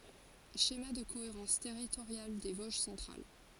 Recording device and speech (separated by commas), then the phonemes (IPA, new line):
forehead accelerometer, read sentence
ʃema də koeʁɑ̃s tɛʁitoʁjal de voʒ sɑ̃tʁal